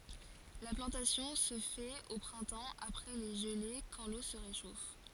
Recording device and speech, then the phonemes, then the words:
forehead accelerometer, read sentence
la plɑ̃tasjɔ̃ sə fɛt o pʁɛ̃tɑ̃ apʁɛ le ʒəle kɑ̃ lo sə ʁeʃof
La plantation se fait au printemps, après les gelées quand l’eau se réchauffe.

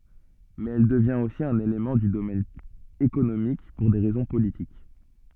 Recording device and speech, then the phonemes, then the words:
soft in-ear microphone, read sentence
mɛz ɛl dəvjɛ̃t osi œ̃n elemɑ̃ dy domɛn ekonomik puʁ de ʁɛzɔ̃ politik
Mais elle devient aussi un élément du domaine économique pour des raisons politiques.

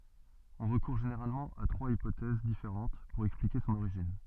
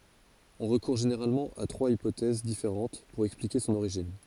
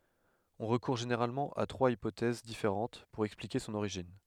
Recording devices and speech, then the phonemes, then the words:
soft in-ear microphone, forehead accelerometer, headset microphone, read sentence
ɔ̃ ʁəkuʁ ʒeneʁalmɑ̃ a tʁwaz ipotɛz difeʁɑ̃t puʁ ɛksplike sɔ̃n oʁiʒin
On recourt généralement à trois hypothèses différentes pour expliquer son origine.

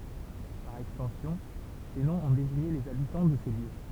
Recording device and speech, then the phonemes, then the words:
temple vibration pickup, read sentence
paʁ ɛkstɑ̃sjɔ̃ se nɔ̃z ɔ̃ deziɲe lez abitɑ̃ də se ljø
Par extension, ces noms ont désigné les habitants de ces lieux.

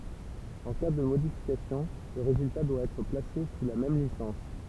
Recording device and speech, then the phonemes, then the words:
temple vibration pickup, read sentence
ɑ̃ ka də modifikasjɔ̃ lə ʁezylta dwa ɛtʁ plase su la mɛm lisɑ̃s
En cas de modification, le résultat doit être placé sous la même licence.

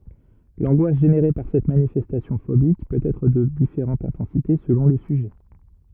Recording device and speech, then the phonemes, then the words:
rigid in-ear microphone, read sentence
lɑ̃ɡwas ʒeneʁe paʁ sɛt manifɛstasjɔ̃ fobik pøt ɛtʁ də difeʁɑ̃t ɛ̃tɑ̃site səlɔ̃ lə syʒɛ
L'angoisse générée par cette manifestation phobique peut être de différente intensité selon le sujet.

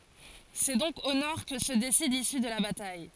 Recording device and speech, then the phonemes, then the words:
forehead accelerometer, read sentence
sɛ dɔ̃k o nɔʁ kə sə desid lisy də la bataj
C'est donc au nord que se décide l'issue de la bataille.

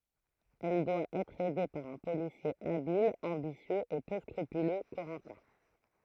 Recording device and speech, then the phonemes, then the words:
throat microphone, read sentence
ɛl dwa ɛtʁ ɛde paʁ œ̃ polisje abil ɑ̃bisjøz e pø skʁypylø koʁɑ̃tɛ̃
Elle doit être aidée par un policier habile, ambitieux et peu scrupuleux, Corentin.

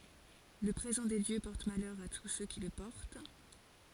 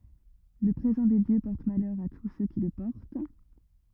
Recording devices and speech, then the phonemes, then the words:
forehead accelerometer, rigid in-ear microphone, read sentence
lə pʁezɑ̃ de djø pɔʁt malœʁ a tus sø ki lə pɔʁt
Le présent des dieux porte malheur à tous ceux qui le portent.

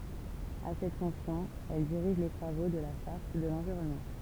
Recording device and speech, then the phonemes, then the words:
temple vibration pickup, read sentence
a sɛt fɔ̃ksjɔ̃ ɛl diʁiʒ le tʁavo də la ʃaʁt də lɑ̃viʁɔnmɑ̃
À cette fonction, elle dirige les travaux de la Charte de l'environnement.

